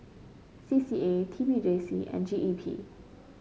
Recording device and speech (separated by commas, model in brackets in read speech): mobile phone (Samsung C5), read sentence